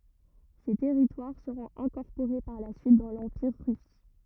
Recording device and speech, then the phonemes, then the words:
rigid in-ear microphone, read sentence
se tɛʁitwaʁ səʁɔ̃t ɛ̃kɔʁpoʁe paʁ la syit dɑ̃ lɑ̃piʁ ʁys
Ces territoires seront incorporés par la suite dans l'Empire russe.

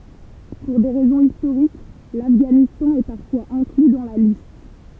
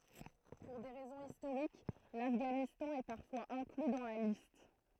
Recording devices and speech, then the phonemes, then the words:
temple vibration pickup, throat microphone, read sentence
puʁ de ʁɛzɔ̃z istoʁik lafɡanistɑ̃ ɛ paʁfwaz ɛ̃kly dɑ̃ la list
Pour des raisons historiques, l'Afghanistan est parfois inclus dans la liste.

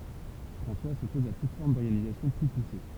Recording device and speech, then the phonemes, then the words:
temple vibration pickup, read sentence
fʁɑ̃swa sɔpɔz a tut fɔʁm dɔʁɡanizasjɔ̃ ply puse
François s'oppose à toute forme d'organisation plus poussée.

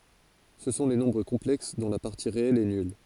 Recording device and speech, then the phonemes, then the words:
forehead accelerometer, read sentence
sə sɔ̃ le nɔ̃bʁ kɔ̃plɛks dɔ̃ la paʁti ʁeɛl ɛ nyl
Ce sont les nombres complexes dont la partie réelle est nulle.

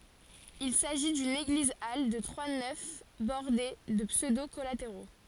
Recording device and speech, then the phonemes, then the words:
forehead accelerometer, read sentence
il saʒi dyn eɡlizal də tʁwa nɛf bɔʁde də psødo kɔlateʁo
Il s'agit d'une église-halle de trois nefs bordées de pseudo collatéraux.

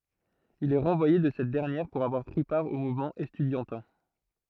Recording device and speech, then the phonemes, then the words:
throat microphone, read sentence
il ɛ ʁɑ̃vwaje də sɛt dɛʁnjɛʁ puʁ avwaʁ pʁi paʁ o muvmɑ̃ ɛstydjɑ̃tɛ̃
Il est renvoyé de cette dernière pour avoir pris part au mouvement estudiantin.

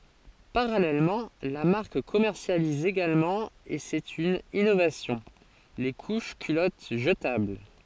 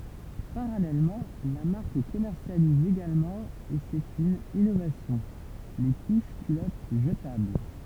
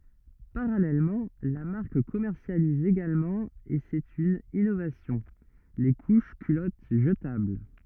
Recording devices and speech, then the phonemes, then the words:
forehead accelerometer, temple vibration pickup, rigid in-ear microphone, read sentence
paʁalɛlmɑ̃ la maʁk kɔmɛʁsjaliz eɡalmɑ̃ e sɛt yn inovasjɔ̃ le kuʃ kylɔt ʒətabl
Parallèlement, la marque commercialise également et c’est une innovation, les couches culottes jetables.

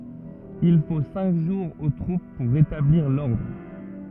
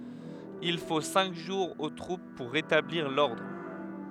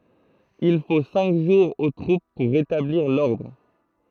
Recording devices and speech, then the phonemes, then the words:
rigid in-ear microphone, headset microphone, throat microphone, read sentence
il fo sɛ̃k ʒuʁz o tʁup puʁ ʁetabliʁ lɔʁdʁ
Il faut cinq jours aux troupes pour rétablir l'ordre.

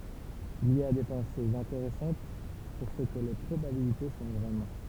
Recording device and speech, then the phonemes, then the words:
temple vibration pickup, read sentence
il i a de pɑ̃sez ɛ̃teʁɛsɑ̃t syʁ sə kə le pʁobabilite sɔ̃ vʁɛmɑ̃
Il y a des pensées intéressantes sur ce que les probabilités sont vraiment.

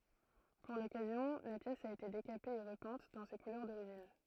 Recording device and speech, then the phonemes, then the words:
throat microphone, read sentence
puʁ lɔkazjɔ̃ la pjɛs a ete dekape e ʁəpɛ̃t dɑ̃ se kulœʁ doʁiʒin
Pour l'occasion, la pièce a été décapée et repeinte dans ses couleurs d'origine.

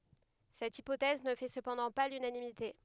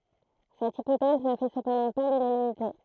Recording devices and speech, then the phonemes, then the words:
headset microphone, throat microphone, read sentence
sɛt ipotɛz nə fɛ səpɑ̃dɑ̃ pa lynanimite
Cette hypothèse ne fait cependant pas l'unanimité.

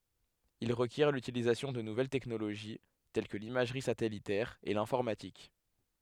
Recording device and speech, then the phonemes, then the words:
headset microphone, read sentence
il ʁəkjɛʁ lytilizasjɔ̃ də nuvɛl tɛknoloʒi tɛl kə limaʒʁi satɛlitɛʁ e lɛ̃fɔʁmatik
Il requiert l’utilisation de nouvelles technologies, telles que l’imagerie satellitaire et l'informatique.

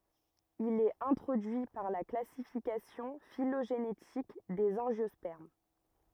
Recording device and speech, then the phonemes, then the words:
rigid in-ear microphone, read sentence
il ɛt ɛ̃tʁodyi paʁ la klasifikasjɔ̃ filoʒenetik dez ɑ̃ʒjɔspɛʁm
Il est introduit par la classification phylogénétique des angiospermes.

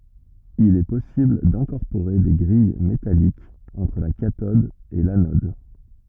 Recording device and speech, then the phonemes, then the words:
rigid in-ear microphone, read sentence
il ɛ pɔsibl dɛ̃kɔʁpoʁe de ɡʁij metalikz ɑ̃tʁ la katɔd e lanɔd
Il est possible d'incorporer des grilles métalliques entre la cathode et l'anode.

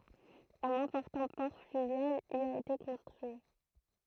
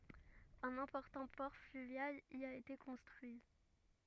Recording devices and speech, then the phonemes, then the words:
throat microphone, rigid in-ear microphone, read sentence
œ̃n ɛ̃pɔʁtɑ̃ pɔʁ flyvjal i a ete kɔ̃stʁyi
Un important port fluvial y a été construit.

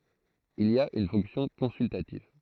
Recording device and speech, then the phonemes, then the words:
throat microphone, read sentence
il a yn fɔ̃ksjɔ̃ kɔ̃syltativ
Il a une fonction consultative.

